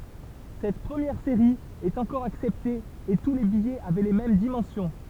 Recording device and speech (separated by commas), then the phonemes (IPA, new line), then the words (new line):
temple vibration pickup, read sentence
sɛt pʁəmjɛʁ seʁi ɛt ɑ̃kɔʁ aksɛpte e tu le bijɛz avɛ le mɛm dimɑ̃sjɔ̃
Cette première série est encore acceptée et tous les billets avaient les mêmes dimensions.